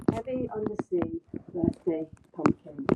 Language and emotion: English, disgusted